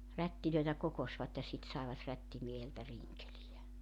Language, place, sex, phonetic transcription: Finnish, Joutsa, female, 'rättilöitä 'kokosvat ja 'sit saevat 'rättimieheltä "riŋkelijä .
- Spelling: rättejä kokoisvat ja sitten saivat rättimieheltä rinkeleitä

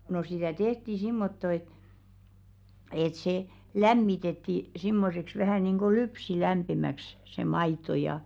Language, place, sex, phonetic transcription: Finnish, Velkua, female, no sitä̀ "tehti 'simmotto et , et 'se , "lämmitetti , 'simmoseks vähä̀ nìnɢo "lypsi'lämpimäks , se 'maito ja , jaa .
- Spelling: no sitä tehtiin semmottoon että että se lämmitettiin semmoiseksi vähän niin kuin lypsylämpimäksi se maito ja ja

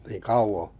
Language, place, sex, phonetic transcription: Finnish, Kalajoki, male, nii 'kauʷo ?
- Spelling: niin kauan

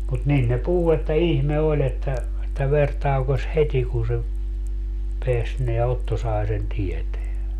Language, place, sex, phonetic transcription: Finnish, Padasjoki, male, mut 'nin ne "puhu että "ihme 'oĺ ‿että , että 'ver 'taukos "heti kun se , 'peäs neä 'Otto sae sen 'tieteä .
- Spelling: mutta niin ne puhui että ihme oli että että veri taukosi heti kun se pääsi nämä Otto sai sen tietää

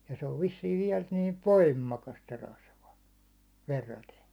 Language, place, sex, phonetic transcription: Finnish, Hollola, male, ja se ov 'vissiiv viɛl niiv "voimmakast se rasva , 'verraten .
- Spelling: ja se on vissiin vielä niin voimakasta se rasva verraten

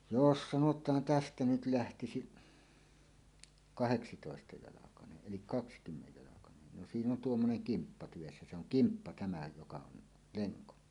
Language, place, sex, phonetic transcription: Finnish, Suomussalmi, male, jos sanot̀aan "tästä 'nyt 'lähtisiˀ , "kaheksitòestajalakaneˀ 'ˀelik "kakskymmejjalakanen no 'siin ‿on "tuommoneŋ "kimppa tyvessä se ‿oŋ "kimppa 'tämä joka on , 'leŋko .
- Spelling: jos sanotaan tästä nyt lähtisi kahdeksantoistajalkainen eli kaksikymmenjalkainen no siinä on tuommoinen kimppa tyvessä se on kimppa tämä joka on lenko

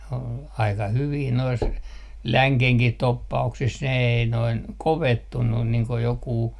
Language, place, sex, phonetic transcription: Finnish, Artjärvi, male, ol , 'aika 'hyvii nois , "läŋkehkih 'toppa₍uksis ne ei noin , "kovettunnun niiŋ ko jokuu ,.
- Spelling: oli aika hyviä noissa längenkin toppauksissa ne ei noin kovettunut niin kuin joku

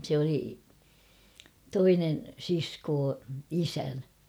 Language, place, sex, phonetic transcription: Finnish, Kauhava, female, sᵉ ‿oli , 'toinen 'siskoo , "isän .
- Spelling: se oli toinen sisko isän

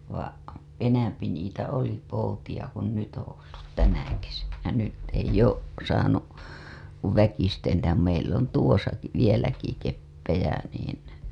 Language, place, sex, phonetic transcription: Finnish, Hailuoto, female, va' , 'enämpi niitä 'oli 'poutiʲa ku 'nyt ‿oo̰ ollut 'tänä kesänä , nyt eij ‿oˀ , saanu , ku 'väkisten (ja) meil̆l ‿on tuosaki , 'keppejä niin
- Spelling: vaan enempi niitä oli poutia kun nyt on ollut tänä kesänä nyt ei ole saanut kuin väkisisin ja meillä on tuossakin keppejä niin

